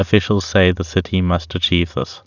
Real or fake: real